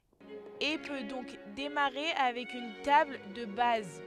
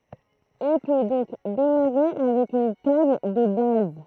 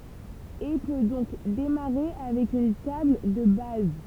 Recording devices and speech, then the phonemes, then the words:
headset microphone, throat microphone, temple vibration pickup, read sentence
e pø dɔ̃k demaʁe avɛk yn tabl də baz
Et peut donc démarrer avec une table de base.

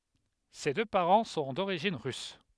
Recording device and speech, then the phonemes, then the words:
headset microphone, read sentence
se dø paʁɑ̃ sɔ̃ doʁiʒin ʁys
Ses deux parents sont d'origine russe.

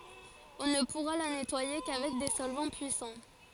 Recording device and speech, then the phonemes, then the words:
forehead accelerometer, read sentence
ɔ̃ nə puʁa la nɛtwaje kavɛk de sɔlvɑ̃ pyisɑ̃
On ne pourra la nettoyer qu'avec des solvants puissants.

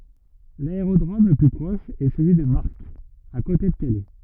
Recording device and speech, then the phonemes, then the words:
rigid in-ear microphone, read sentence
laeʁodʁom lə ply pʁɔʃ ɛ səlyi də maʁk a kote də kalɛ
L'aérodrome le plus proche est celui de Marck, à côté de Calais.

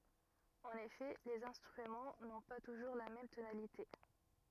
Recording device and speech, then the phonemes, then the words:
rigid in-ear microphone, read sentence
ɑ̃n efɛ lez ɛ̃stʁymɑ̃ nɔ̃ pa tuʒuʁ la mɛm tonalite
En effet, les instruments n'ont pas toujours la même tonalité.

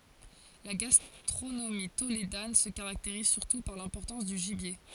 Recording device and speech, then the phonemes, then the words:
forehead accelerometer, read sentence
la ɡastʁonomi toledan sə kaʁakteʁiz syʁtu paʁ lɛ̃pɔʁtɑ̃s dy ʒibje
La gastronomie tolédane se caractérise surtout par l'importance du gibier.

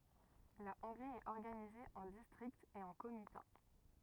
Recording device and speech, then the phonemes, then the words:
rigid in-ear microphone, read sentence
la ɔ̃ɡʁi ɛt ɔʁɡanize ɑ̃ distʁiktz e ɑ̃ komita
La Hongrie est organisée en districts et en comitats.

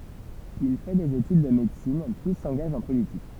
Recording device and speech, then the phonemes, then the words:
temple vibration pickup, read sentence
il fɛ dez etyd də medəsin pyi sɑ̃ɡaʒ ɑ̃ politik
Il fait des études de médecine, puis s'engage en politique.

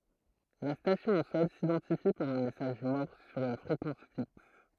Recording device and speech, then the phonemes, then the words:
throat microphone, read sentence
la stasjɔ̃ o sɔl sidɑ̃tifi paʁ œ̃ mɛsaʒ mɔʁs syʁ yn fʁekɑ̃s fiks
La station au sol s'identifie par un message morse sur une fréquence fixe.

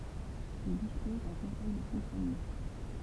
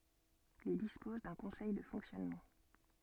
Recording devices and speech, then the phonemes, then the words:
temple vibration pickup, soft in-ear microphone, read sentence
il dispɔz dœ̃ kɔ̃sɛj də fɔ̃ksjɔnmɑ̃
Il dispose d’un conseil de fonctionnement.

